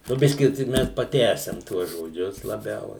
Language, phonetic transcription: Lithuanian, nu ˈbiski tei ˈmes paˈtęsiam ˈtuos žoˈdžius laˈbiau

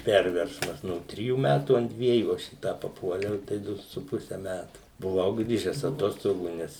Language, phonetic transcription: Lithuanian, ˈperversmas ˈno ˈtrijų ˈmætų ant ˈdviejų ˈaš į ˈtą paˈpuoliau tai ˈdu su ˈpuse ˈmætu buˈvau ˈgrįžes aˈtostogų ˈnes

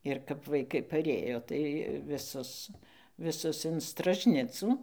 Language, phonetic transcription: Lithuanian, ir kap vaiˈkai paˈrėjo tai viˈsus viˈsus in stražˈnicų

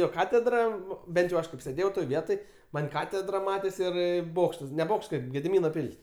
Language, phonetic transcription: Lithuanian, ˈjo ˈkatedra ˈbent jau ˈaš kaip sėˈdėjau toj ˈvietoj ˈman' ˈkatedra ˈmatės ˈir ˈbokštas ne ˈbokšt ˈkaip gediˈmyno ˈpil's'

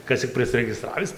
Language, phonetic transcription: Lithuanian, ˈkas cik prisregiˈstravis

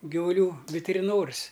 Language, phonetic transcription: Lithuanian, givuˈlių vitiriˈnoris

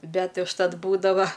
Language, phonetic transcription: Lithuanian, ˈbet' užˈtat ˈbūdava

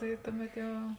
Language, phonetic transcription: Lithuanian, tai ˈtuˌmet ˈjau

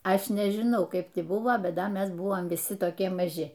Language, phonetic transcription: Lithuanian, ˈaš nežiˈnau ˈkaip ti ˈbuvo ˈbet ˈda ˈmes ˈbuvom viˈsi toˈkie maˈži

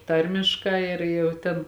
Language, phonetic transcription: Lithuanian, ˈtarmiškā ˈir jau ˈtėn

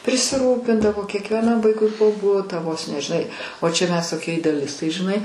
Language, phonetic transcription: Lithuanian, prisiˈrūpindavo kiekvieˈnam ˈvaikui po ˈbutą vos ne žiˈnai o čia mes toˈkie ideaˈlistai žiˈnai

